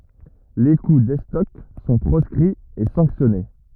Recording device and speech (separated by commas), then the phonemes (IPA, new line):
rigid in-ear microphone, read sentence
le ku dɛstɔk sɔ̃ pʁɔskʁiz e sɑ̃ksjɔne